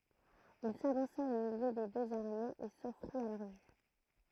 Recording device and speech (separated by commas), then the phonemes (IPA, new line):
throat microphone, read sentence
il savɑ̃sa o miljø de døz aʁmez e sɔfʁit a lœʁ vy